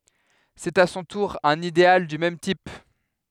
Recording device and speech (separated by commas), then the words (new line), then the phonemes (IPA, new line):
headset microphone, read sentence
C'est à son tour un idéal du même type.
sɛt a sɔ̃ tuʁ œ̃n ideal dy mɛm tip